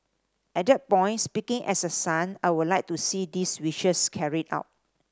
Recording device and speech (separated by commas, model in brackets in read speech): standing microphone (AKG C214), read sentence